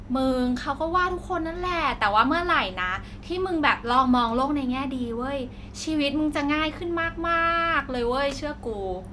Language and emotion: Thai, frustrated